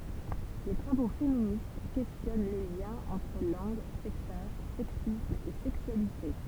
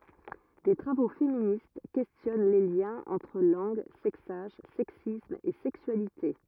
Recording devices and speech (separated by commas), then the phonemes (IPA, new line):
temple vibration pickup, rigid in-ear microphone, read sentence
de tʁavo feminist kɛstjɔn le ljɛ̃z ɑ̃tʁ lɑ̃ɡ sɛksaʒ sɛksism e sɛksyalite